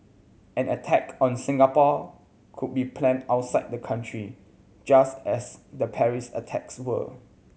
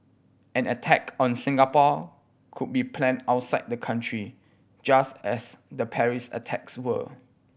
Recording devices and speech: mobile phone (Samsung C7100), boundary microphone (BM630), read sentence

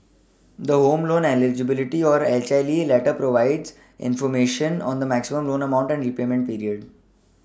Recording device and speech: standing microphone (AKG C214), read sentence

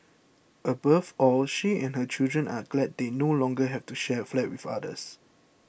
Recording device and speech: boundary microphone (BM630), read sentence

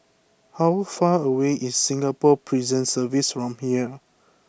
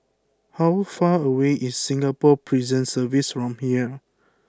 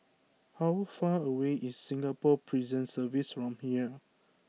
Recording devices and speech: boundary microphone (BM630), close-talking microphone (WH20), mobile phone (iPhone 6), read sentence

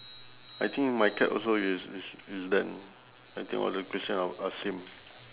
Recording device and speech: telephone, conversation in separate rooms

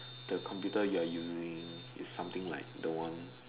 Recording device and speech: telephone, conversation in separate rooms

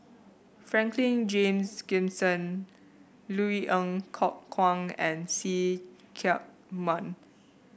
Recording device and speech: boundary microphone (BM630), read sentence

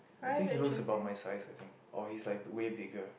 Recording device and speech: boundary microphone, conversation in the same room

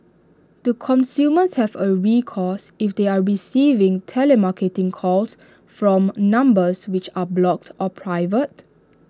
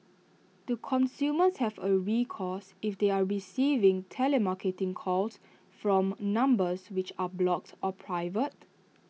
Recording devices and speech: standing microphone (AKG C214), mobile phone (iPhone 6), read sentence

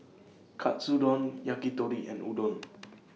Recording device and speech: mobile phone (iPhone 6), read sentence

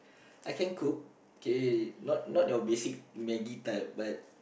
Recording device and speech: boundary microphone, conversation in the same room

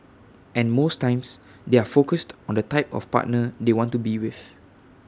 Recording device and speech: standing microphone (AKG C214), read sentence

